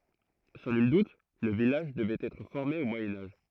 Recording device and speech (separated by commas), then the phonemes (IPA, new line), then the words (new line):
throat microphone, read sentence
sɑ̃ nyl dut lə vilaʒ dəvɛt ɛtʁ fɔʁme o mwajɛ̃ aʒ
Sans nul doute, le village devait être formé au Moyen Âge.